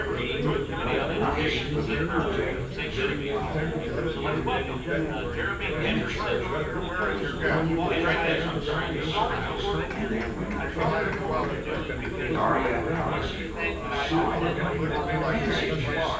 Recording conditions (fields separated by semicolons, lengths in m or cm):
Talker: one person; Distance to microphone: 9.8 m; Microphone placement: far; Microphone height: 1.8 m; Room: large; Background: babble